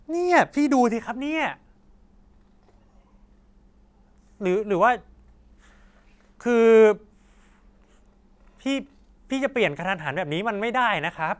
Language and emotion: Thai, angry